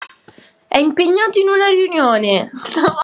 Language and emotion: Italian, happy